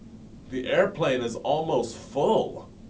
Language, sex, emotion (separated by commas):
English, male, disgusted